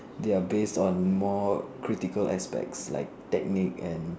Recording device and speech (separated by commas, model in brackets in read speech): standing microphone, conversation in separate rooms